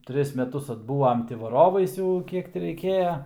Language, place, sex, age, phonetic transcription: Lithuanian, Aukštaitija, male, 18-60, ˈtris meˈtus atˈbūvam ˈti vaˈrovais ˈjau ˈkiek ti reiˈkėja

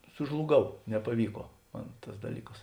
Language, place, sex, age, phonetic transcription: Lithuanian, Žemaitija, male, 60+, sužluˈgau nepaˈvyko ˈman ˈtas daˈlykas

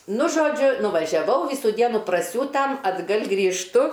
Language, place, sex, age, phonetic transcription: Lithuanian, Aukštaitija, female, 60+, ˈnu ˈžodžiu nuvažiaˈvau ˈvysų ˈdienų praˈsiūtam atˈgal' grįžˈtu

